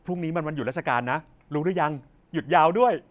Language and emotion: Thai, happy